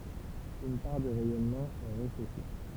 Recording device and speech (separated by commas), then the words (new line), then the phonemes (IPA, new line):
temple vibration pickup, read sentence
Une part du rayonnement est réfléchi.
yn paʁ dy ʁɛjɔnmɑ̃ ɛ ʁefleʃi